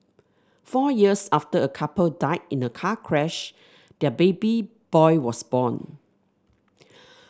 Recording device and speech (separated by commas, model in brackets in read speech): standing microphone (AKG C214), read sentence